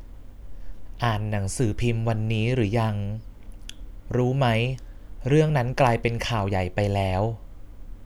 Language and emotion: Thai, neutral